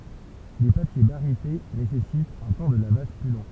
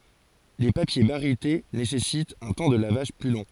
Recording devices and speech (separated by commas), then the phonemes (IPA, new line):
temple vibration pickup, forehead accelerometer, read sentence
le papje baʁite nesɛsitt œ̃ tɑ̃ də lavaʒ ply lɔ̃